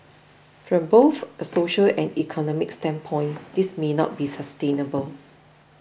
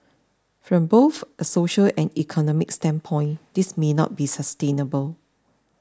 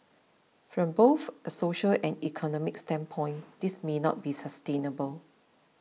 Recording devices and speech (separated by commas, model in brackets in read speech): boundary microphone (BM630), standing microphone (AKG C214), mobile phone (iPhone 6), read sentence